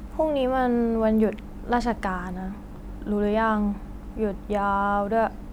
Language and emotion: Thai, frustrated